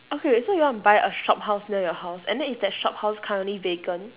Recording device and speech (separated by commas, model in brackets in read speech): telephone, conversation in separate rooms